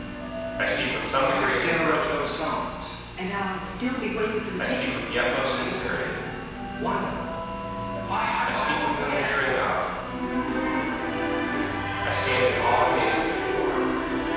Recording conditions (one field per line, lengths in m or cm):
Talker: one person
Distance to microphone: 7.1 m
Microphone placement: far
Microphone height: 1.7 m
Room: very reverberant, large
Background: television